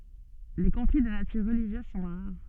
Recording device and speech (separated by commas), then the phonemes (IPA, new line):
soft in-ear microphone, read sentence
le kɔ̃fli də natyʁ ʁəliʒjøz sɔ̃ ʁaʁ